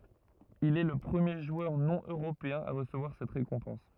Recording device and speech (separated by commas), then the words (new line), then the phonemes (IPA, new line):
rigid in-ear microphone, read sentence
Il est le premier joueur non-européen à recevoir cette récompense.
il ɛ lə pʁəmje ʒwœʁ nonøʁopeɛ̃ a ʁəsəvwaʁ sɛt ʁekɔ̃pɑ̃s